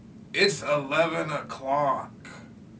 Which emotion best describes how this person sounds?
disgusted